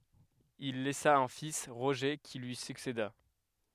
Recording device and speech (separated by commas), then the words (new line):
headset microphone, read sentence
Il laissa un fils Roger, qui lui succéda.